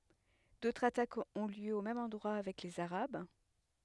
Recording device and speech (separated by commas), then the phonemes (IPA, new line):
headset microphone, read sentence
dotʁz atakz ɔ̃ ljø o mɛm ɑ̃dʁwa avɛk lez aʁab